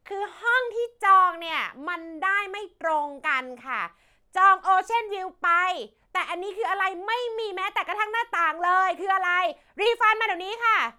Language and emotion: Thai, angry